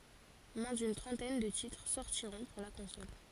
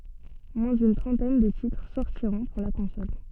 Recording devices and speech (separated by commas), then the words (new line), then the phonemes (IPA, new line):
forehead accelerometer, soft in-ear microphone, read sentence
Moins d'une trentaine de titres sortiront pour la console.
mwɛ̃ dyn tʁɑ̃tɛn də titʁ sɔʁtiʁɔ̃ puʁ la kɔ̃sɔl